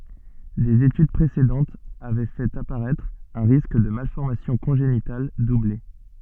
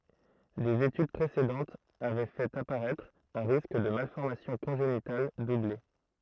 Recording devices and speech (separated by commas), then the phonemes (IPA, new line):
soft in-ear microphone, throat microphone, read sentence
dez etyd pʁesedɑ̃tz avɛ fɛt apaʁɛtʁ œ̃ ʁisk də malfɔʁmasjɔ̃ kɔ̃ʒenital duble